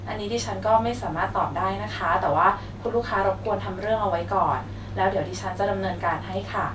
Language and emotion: Thai, neutral